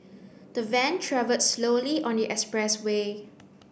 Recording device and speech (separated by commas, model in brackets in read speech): boundary microphone (BM630), read sentence